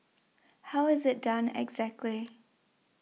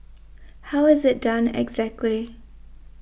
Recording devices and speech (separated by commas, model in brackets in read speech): mobile phone (iPhone 6), boundary microphone (BM630), read sentence